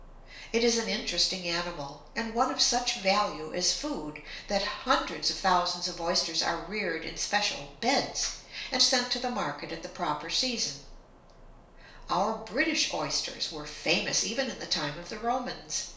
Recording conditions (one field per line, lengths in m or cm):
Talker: one person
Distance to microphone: 1.0 m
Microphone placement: close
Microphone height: 1.1 m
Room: small (3.7 m by 2.7 m)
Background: none